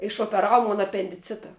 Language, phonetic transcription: Lithuanian, išopeˈravu ˈmon apendiˈcita

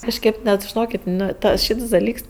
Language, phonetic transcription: Lithuanian, kažˈkėp net žiˈnokėt' ˈnu ˈta ˈšyts daˈlyks

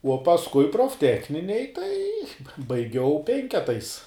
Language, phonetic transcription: Lithuanian, uo pasˈkui profˈtechninėj tai ba baiˈgiau ˈpenketais

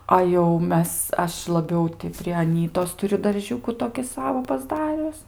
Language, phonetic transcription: Lithuanian, a jau ˈmes ˈaš laˈbiau ti pri aˈnytos tuˈriu darˈžiūku toki ˈsavo pasˈdarius

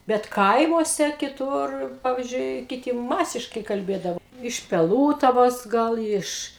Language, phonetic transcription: Lithuanian, bet ˈkaimuose kiˈtur ˈpavizdžiui kiˈti ˈmasiškai kalˈbėdavo iš peˈlūtavos ˈgal ˈiš

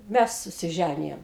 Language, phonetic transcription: Lithuanian, ˈmæs susiˈžænijom

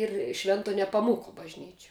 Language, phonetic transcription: Lithuanian, ir ˈšvento nepaˈmūko bažˈnyčia

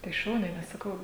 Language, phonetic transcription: Lithuanian, tai ˈšauniai nes saˈkau

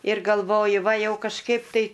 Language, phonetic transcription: Lithuanian, ir galˈvoju ˈva ˈjau kažˈkaip tai

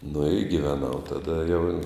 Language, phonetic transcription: Lithuanian, nu i gyveˈnau taˈda jau

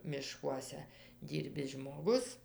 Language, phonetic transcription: Lithuanian, miˈškuose ˈdyrbis žmoˈgus

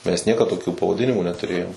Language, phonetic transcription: Lithuanian, mes ˈniekad toˈkių pavaˈdinimų netuˈrėjom

